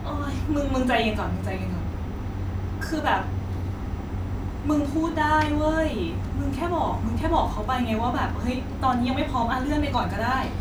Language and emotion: Thai, frustrated